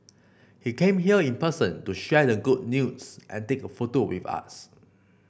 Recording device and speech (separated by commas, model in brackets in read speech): boundary microphone (BM630), read sentence